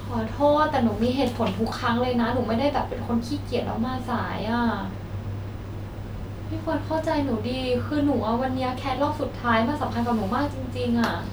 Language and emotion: Thai, sad